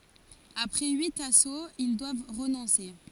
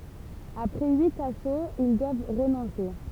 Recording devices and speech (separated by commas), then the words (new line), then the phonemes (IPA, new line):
forehead accelerometer, temple vibration pickup, read sentence
Après huit assauts, ils doivent renoncer.
apʁɛ yit asoz il dwav ʁənɔ̃se